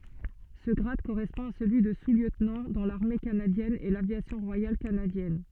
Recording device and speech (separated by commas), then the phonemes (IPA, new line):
soft in-ear microphone, read sentence
sə ɡʁad koʁɛspɔ̃ a səlyi də susljøtnɑ̃ dɑ̃ laʁme kanadjɛn e lavjasjɔ̃ ʁwajal kanadjɛn